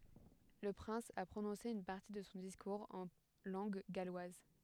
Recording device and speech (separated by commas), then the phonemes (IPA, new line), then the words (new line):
headset microphone, read sentence
lə pʁɛ̃s a pʁonɔ̃se yn paʁti də sɔ̃ diskuʁz ɑ̃ lɑ̃ɡ ɡalwaz
Le prince a prononcé une partie de son discours en langue galloise.